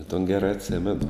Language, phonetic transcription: Lithuanian, i ton ˈgera atˈsemenu

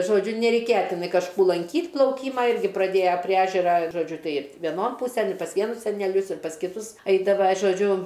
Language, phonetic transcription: Lithuanian, žoˈdžiu nereiˈkėja ˈtinai kažˈkų lanˈkyt' plauˈkyma ˈirgi praˈdėja prie ˈežera žoˈdžiu ˈtai veˈnon ˈpūsen i pas ˈvienus seneˈlius ir pas kiˈtus ˈaidava žoˈdžiu

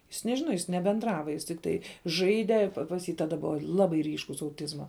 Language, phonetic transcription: Lithuanian, is neˈžina is nebenˈdrava jis tikˈtai ˈžaide pas ˈjį ˈtada ˈbuva ˈlabai ˈryškus auˈtizma

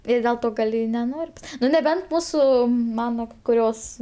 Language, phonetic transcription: Lithuanian, ir dėl ˈto ˈgal' i neˈnor' ˈnu neˈbent ˈmūsu ˈmano kuˈrios

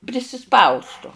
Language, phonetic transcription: Lithuanian, prisiˈspaustu

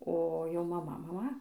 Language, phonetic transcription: Lithuanian, o ˈjau maˈma maˈma

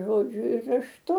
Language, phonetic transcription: Lithuanian, žoˈdžiu ir rašˈtu

